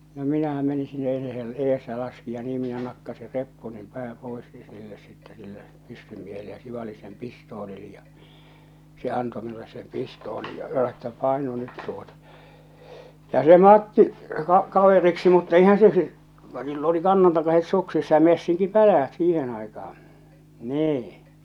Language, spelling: Finnish, no minähän menin sinne ei se - - ja laski ja niin minä nakkasin reppuni pään pois niin sille sitten sille pyssymiehelle ja sivalsin sen pistoolilla ja se antoi minulle sen pistoolin ja sanoi että painu nyt tuota ja se Matti - kaveriksi mutta eihän se sillä - sillä oli kannantakaiset suksissa ja messinkikäpälät siihen aikaan niin
- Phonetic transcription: no 'minähä 'meni sinne (ei se hel- ees) ja laski ja nii minä 'nakkasi 'reppunim 'pää 'pois nii silles sitte sille , 'pyssymiehelle ja 'sivali sem 'pistoolil̳ ja , 'se 'anto 'minules sem 'pistoolij ja (sano) että » 'paenu 'nyt tuota « , ja se 'Matti , ka- , 'kaveriksi mutta eihän se ˢⁱˡˉ , ka- sill ‿oli 'kannantakaset 'suksissa ja 'messiŋki'pälä₍ät "siihen 'aikah̬aa̰ , 'nii .

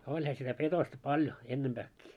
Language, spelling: Finnish, olihan sitä petosta paljon ennempääkin
- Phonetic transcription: 'oĺha sitä 'petosta 'paljo , 'ennemʙääkkii .

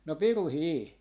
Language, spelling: Finnish, no pirukin
- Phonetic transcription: no 'piru"hii .

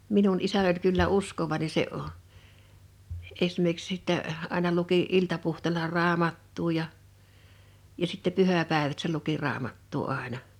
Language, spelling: Finnish, minun isäni oli kyllä uskovainen se esimerkiksi sitten aina luki iltapuhteella raamattua ja ja sitten pyhäpäivät se luki raamattua aina
- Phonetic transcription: 'minun 'isä(ń) ‿oĺ kyllä "uskovàine se , 'esmer(ki)ks sittä , àḙna luki , 'iltapuhtèla "raamattuu ja , ja sitte 'pyhä̀pàevät se luki 'raamattuu 'àena .

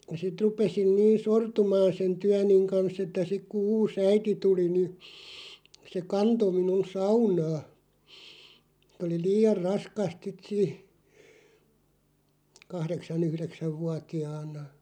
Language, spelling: Finnish, ja sitten rupesin niin sortumaan sen työni kanssa että sitten kun uusi äiti tuli niin se kantoi minun saunaan oli liian raskasta sitten - kahdeksan yhdeksän vuotiaana
- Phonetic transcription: (ja) sit 'rupesin 'niin̬ "sortumaan̬ 'sen "tyäniŋ kans ‿että 'sik ku 'uus "äiti tuli ni , se "kanto 'minun "saunaa , oli "lii₍ar 'raskast sit siiʰ- , 'kahðeksa"n ‿yhðeksäv 'vuati₍aan̆na .

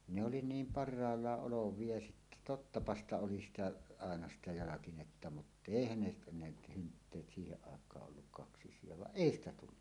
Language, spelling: Finnish, ne oli niin parhaalla olevia ja sitten tottapa sitä oli sitä aina sitä jalkinetta mutta eihän ne ne hynttyyt siihen aikaan ollut kaksisia vaan ei sitä tullut
- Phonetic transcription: ne oli "niim par̆raallaˀ 'ˀolov̀ie ja sittä "tottapa ‿sta 'oli 'sitä , àena sitä 'jalakinetta mut"ᵗ ‿èihän ne ne 'hyntteet siiheˀ ˀàek̀aa’ ’olluk 'kaksis̀ie vaˀ "ˀèi ‿stä 'tullu .

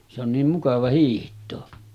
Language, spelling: Finnish, se on niin mukava hiihtää
- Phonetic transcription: se ‿on 'niim 'mukava hiiht̀oo .

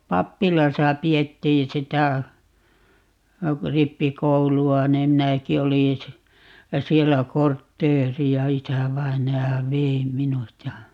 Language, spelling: Finnish, pappilassa pidettiin sitä rippikoulua niin minäkin olin - siellä kortteeria isävainaja vei minut ja
- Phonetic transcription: "pappilasa 'pi₍ettiḭ sitä , "rippikoulu₍a nim 'minäki 'olin̬ si- , "siellä "kortteeri₍a - 'isävainaja "vei "minut ja , .

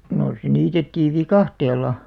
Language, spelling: Finnish, no se niitettiin viikatteella
- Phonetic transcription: nò se 'niitettiiv "vikahtel̆la .

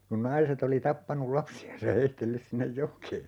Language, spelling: Finnish, kun naiset oli tappanut lapsiaan ja heitellyt sinne jokeen
- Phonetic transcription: kun 'naiset ‿oli 'tappanul "lapsi₍ans ja 'heittellys sinnej "jok̀ee .

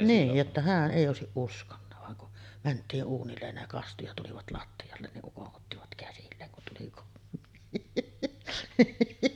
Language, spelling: Finnish, niin jotta hän ei olisi uskonut vaan kun mentiin uunille ne kastui ja tulivat lattialle niin ukon ottivat käsilleen kun tuli kotiin
- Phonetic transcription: nii , jotta "hääˀ 'ˀèi òesiˀ ˀuskonna vaŋ kun , mänt̆tii’ ’uunillen ne 'kastu ja 'tulivat latti₍allen niˀ 'ˀukoˀ ˀottivät 'käsilleeŋ kun tuli kottiin .

